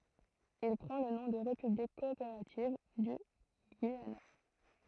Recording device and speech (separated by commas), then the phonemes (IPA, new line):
throat microphone, read sentence
il pʁɑ̃ lə nɔ̃ də ʁepyblik kɔopeʁativ dy ɡyijana